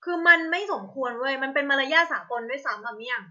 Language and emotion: Thai, angry